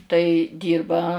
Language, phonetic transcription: Lithuanian, tai ˈdyrba

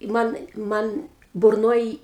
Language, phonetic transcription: Lithuanian, ˈman ˈman burˈnoj

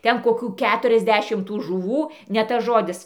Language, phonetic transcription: Lithuanian, ˈten koˈkių ˈketuriasˌdešim tų žuˈvų ne ˈtas ˈžodis

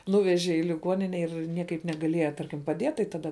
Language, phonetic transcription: Lithuanian, ˈnūveže i liˈguonine ir ˈniekaip negaˈlieja ˈtarkim paˈdiet tai ˈtada

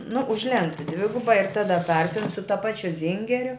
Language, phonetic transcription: Lithuanian, nu užˈlenkti ˈdviguba ir ˈtada ˈparsiun su ta ˈpačiu ˈzyngeriu

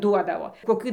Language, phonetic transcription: Lithuanian, ˈduodavo koˈkį

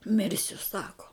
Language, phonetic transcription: Lithuanian, ˈmirsiu ˈsako

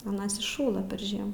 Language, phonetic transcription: Lithuanian, aˈnas išˈšųla per ˈžiemų

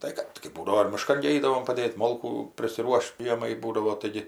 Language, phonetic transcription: Lithuanian, ˈtai kad kai ˈbūdavo ir miˈškan gi ˈeidavom paˈdėt' ˈmolkų prisiˈruoš't' ˈžiemai ˈbūdavo taiˈgi

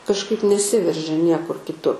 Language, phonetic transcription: Lithuanian, kažˈkaip neˈsiveržia ˈniekur kiˈtu

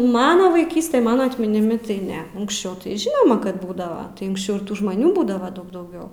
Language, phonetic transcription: Lithuanian, ˈmana vaiˈkyste ˈmana atminiˈmi tai ˈne unksˈčiau tai ˈžinoma ˈkad ˈbūdava unksˈčiau ir ˈtų žmaˈnių ˈbūdava ˈdaug dauˈgiau

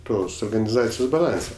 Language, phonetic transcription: Lithuanian, ˈtos organiˈzacijos baˈlanse

